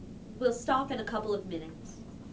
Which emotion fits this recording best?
neutral